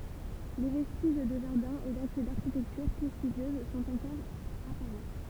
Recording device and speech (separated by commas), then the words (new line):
temple vibration pickup, read sentence
Les vestiges de jardin et d'accès d'architecture prestigieuse sont encore apparents.